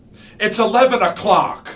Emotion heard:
angry